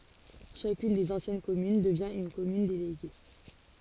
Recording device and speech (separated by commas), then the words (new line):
forehead accelerometer, read sentence
Chacune des anciennes communes devient une commune déléguée.